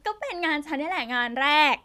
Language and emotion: Thai, happy